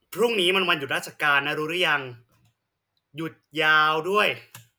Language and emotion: Thai, frustrated